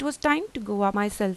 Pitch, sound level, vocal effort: 220 Hz, 86 dB SPL, normal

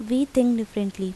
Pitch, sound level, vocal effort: 225 Hz, 82 dB SPL, normal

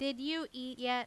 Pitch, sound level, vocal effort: 255 Hz, 92 dB SPL, loud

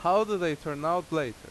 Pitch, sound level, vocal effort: 160 Hz, 92 dB SPL, very loud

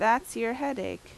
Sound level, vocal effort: 85 dB SPL, loud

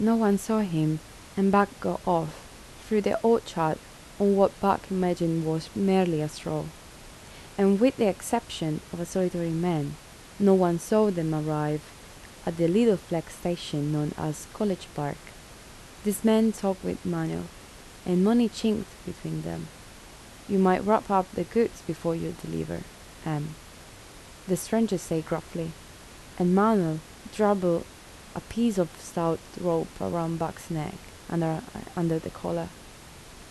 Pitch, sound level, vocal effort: 175 Hz, 75 dB SPL, soft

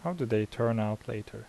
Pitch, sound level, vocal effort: 115 Hz, 79 dB SPL, soft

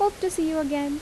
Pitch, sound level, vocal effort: 315 Hz, 83 dB SPL, normal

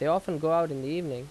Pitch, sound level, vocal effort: 165 Hz, 87 dB SPL, loud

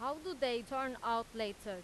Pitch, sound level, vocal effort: 240 Hz, 94 dB SPL, loud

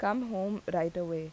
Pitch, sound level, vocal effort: 185 Hz, 83 dB SPL, normal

